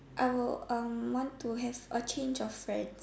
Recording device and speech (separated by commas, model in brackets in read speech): standing microphone, conversation in separate rooms